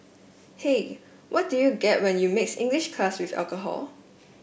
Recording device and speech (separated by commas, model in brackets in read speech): boundary microphone (BM630), read sentence